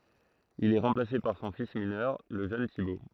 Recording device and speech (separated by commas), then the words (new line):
throat microphone, read sentence
Il est remplacé par son fils mineur, le jeune Thibaut.